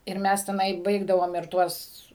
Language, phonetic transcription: Lithuanian, ir ˈmes teˈnai ˈbaigdavom ir ˈtuos

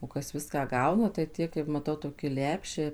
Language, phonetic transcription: Lithuanian, o ˈkas ˈviską ˈgauna tai ˈtie kaip maˈtau toki ˈlepšiai

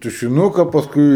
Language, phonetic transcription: Lithuanian, tušiˈnuka pasˈkui

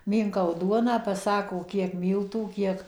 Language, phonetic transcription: Lithuanian, ˈmynkau ˈduoną paˈsako ˈkiek ˈmyltų ˈkiek

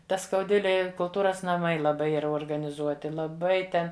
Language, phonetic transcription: Lithuanian, ˈta skauˈdvilėj i kulˈtūras naˈmai laˈbai ˈyra organiˈzuoti laˈbai ˈten

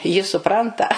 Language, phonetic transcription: Lithuanian, ji suˈpranta

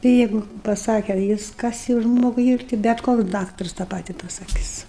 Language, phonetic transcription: Lithuanian, ti ˈjeigu paˈsake ˈjis ˈkas jau ˈžmogui ˈyr ti bet ˈkoks ˈdaktars tą ˈpati pasaˈkis

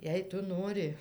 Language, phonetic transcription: Lithuanian, ˈjei ˈtu ˈnori

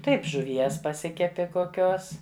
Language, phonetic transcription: Lithuanian, ˈtaip žuˈvies paˈsikepi koˈkios

